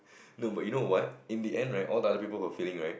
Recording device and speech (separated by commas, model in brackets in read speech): boundary microphone, conversation in the same room